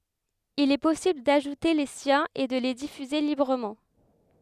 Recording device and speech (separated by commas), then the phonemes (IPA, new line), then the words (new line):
headset microphone, read sentence
il ɛ pɔsibl daʒute le sjɛ̃z e də le difyze libʁəmɑ̃
Il est possible d'ajouter les siens et de les diffuser librement.